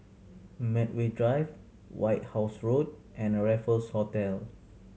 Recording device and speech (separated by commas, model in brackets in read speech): mobile phone (Samsung C7100), read sentence